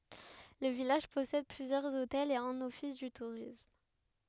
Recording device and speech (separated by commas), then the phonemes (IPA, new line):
headset microphone, read sentence
lə vilaʒ pɔsɛd plyzjœʁz otɛlz e œ̃n ɔfis dy tuʁism